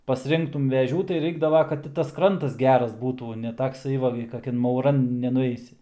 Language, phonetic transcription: Lithuanian, pasˈrinktum veˈžių tai ˈraikdava kad ˈti tas ˈkrantas ˈgeras ˈbūtų ne takˈsai va gi kaˈkian mauˈran nenuˈeisi

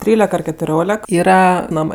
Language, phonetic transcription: Lithuanian, ˈtrylek ar ketuˈriolek ˈyra ˈnamɜ

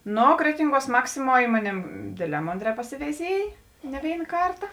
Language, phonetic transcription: Lithuanian, ˈno ˈkretinˌguos ˈmaksiˌmuo ˈi moˌnėm ˈdėdˌlē ˈmonˌdrē pasiveiˈziej ne ˈvėin ˈkarta

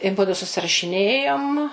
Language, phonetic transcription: Lithuanian, i ˈmudu susirašiˈnėjom

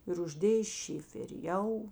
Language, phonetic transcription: Lithuanian, ir užˈdėjė ˈšiferi ˈjau

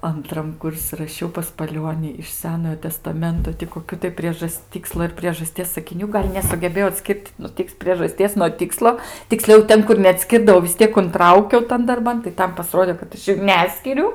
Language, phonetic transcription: Lithuanian, anˈtram ˈkursi raˈšiau pas paˈliuoni iš ˈsenojo testaˈmento ti koˈkių tai ˈpriežas ˈtykslo ir priežaˈsties sakiˈnių ˈgal' nesugeˈbėjau atˈskirt nu ˈtiks priežaˈsties nuo ˈtikslo tikˈsliau ˈten kur neatˈskirdavau vis ˈtiek unˈtraukiau ˈtan darˈban tai ˈtam paˈsrodė kad ˈaš jų ˈneskiriu

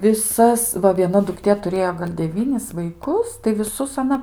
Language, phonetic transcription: Lithuanian, viˈsas ˈva vieˈna dukˈtė tuˈrėjo gal' deˈvynis vaiˈkus tai viˈsus aˈna

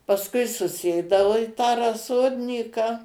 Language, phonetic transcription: Lithuanian, pasˈkui suˈsėdao i ˈtą raˈsodnyką

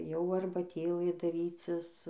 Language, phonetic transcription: Lithuanian, jau arbaˈtėlɘ daˈrycis

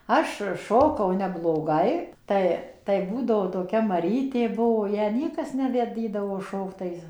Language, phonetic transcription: Lithuanian, ˈaš ˈšokau nebloˈgai ˈtai tai ˈbūdavo toˈkia maˈrytė ˈbuvo ˈją ˈniekas ˌneveˈdydavo ˈšokt tai

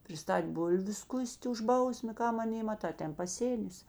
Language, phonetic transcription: Lithuanian, priˈstat' ˈbulviu ˈskus't' už ˈbausmė ˈkam aˈnė maˈta ˈten paˈsėnis

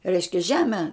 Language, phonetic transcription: Lithuanian, ˈreiškia ˈžeme

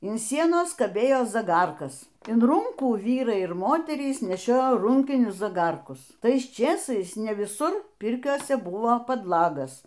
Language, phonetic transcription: Lithuanian, in ˈsienos kaˈbėjo zaˈgarkas in ˈrūnkų ˈvyrai ir ˈmoterys neˈšiojo ˈrūnkinius zaˈgarkus ˈtais ˈčėsais ne viˈsur ˈpirkiose ˈbuvo padˈlagas

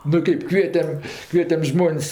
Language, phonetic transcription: Lithuanian, nu ˈkɜp ˈkvietem ˈkvietem ˈžmon's'

